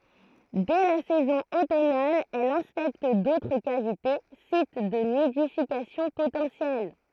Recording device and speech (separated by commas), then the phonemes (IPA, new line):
throat microphone, read sentence
dɛ la sɛzɔ̃ otɔnal ɛl ɛ̃spɛkt dotʁ kavite sit də nidifikasjɔ̃ potɑ̃sjɛl